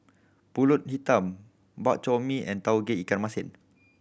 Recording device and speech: boundary microphone (BM630), read sentence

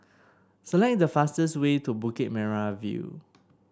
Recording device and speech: standing microphone (AKG C214), read sentence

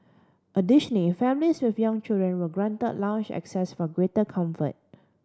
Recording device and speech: standing microphone (AKG C214), read sentence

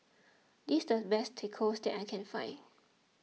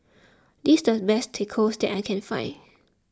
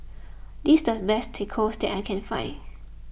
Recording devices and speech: mobile phone (iPhone 6), close-talking microphone (WH20), boundary microphone (BM630), read sentence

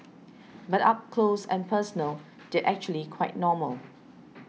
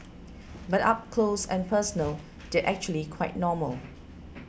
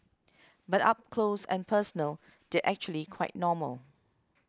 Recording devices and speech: mobile phone (iPhone 6), boundary microphone (BM630), close-talking microphone (WH20), read sentence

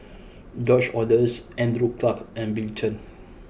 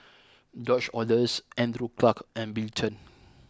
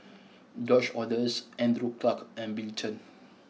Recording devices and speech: boundary microphone (BM630), close-talking microphone (WH20), mobile phone (iPhone 6), read sentence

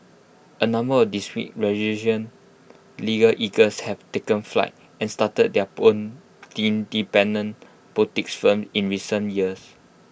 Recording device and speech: boundary microphone (BM630), read sentence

